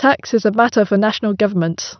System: none